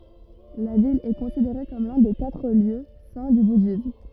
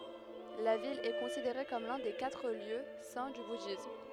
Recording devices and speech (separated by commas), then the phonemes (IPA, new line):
rigid in-ear microphone, headset microphone, read sentence
la vil ɛ kɔ̃sideʁe kɔm lœ̃ de katʁ ljø sɛ̃ dy budism